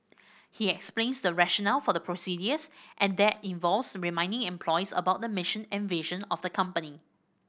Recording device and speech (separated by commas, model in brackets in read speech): boundary microphone (BM630), read sentence